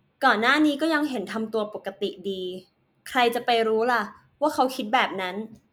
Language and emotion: Thai, neutral